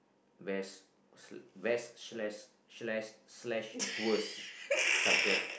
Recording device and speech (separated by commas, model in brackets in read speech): boundary microphone, conversation in the same room